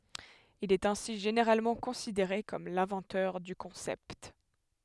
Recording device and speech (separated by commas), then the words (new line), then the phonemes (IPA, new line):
headset microphone, read sentence
Il est ainsi généralement considéré comme l'inventeur du concept.
il ɛt ɛ̃si ʒeneʁalmɑ̃ kɔ̃sideʁe kɔm lɛ̃vɑ̃tœʁ dy kɔ̃sɛpt